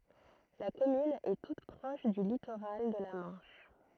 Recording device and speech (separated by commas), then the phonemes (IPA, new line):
throat microphone, read sentence
la kɔmyn ɛ tut pʁɔʃ dy litoʁal də la mɑ̃ʃ